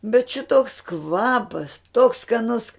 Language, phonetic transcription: Lithuanian, bet ˈšitoks ˈkvapas toks skaˈnus

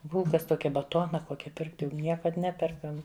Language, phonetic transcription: Lithuanian, ˈbulkas ˈtokia baˈtona ˈkokia pirkt jau ˈniekad ˈneperkam

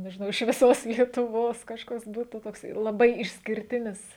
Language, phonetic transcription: Lithuanian, nežiˈnau iš viˈsos lietuˈvos kažˈkas ˈbūtų tokˈsai laˈbai išskirˈtinis

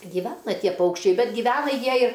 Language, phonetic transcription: Lithuanian, gyˈvena ˈtie ˈpaukščiai ˈbet gyˈvena ˈjie ir

